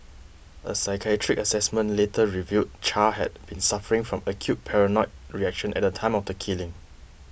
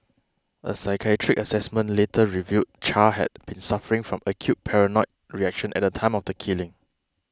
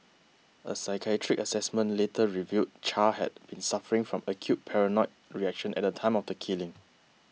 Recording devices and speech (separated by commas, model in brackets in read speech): boundary microphone (BM630), close-talking microphone (WH20), mobile phone (iPhone 6), read sentence